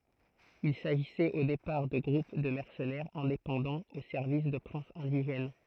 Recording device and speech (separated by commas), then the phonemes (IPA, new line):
throat microphone, read sentence
il saʒisɛt o depaʁ də ɡʁup də mɛʁsənɛʁz ɛ̃depɑ̃dɑ̃z o sɛʁvis də pʁɛ̃sz ɛ̃diʒɛn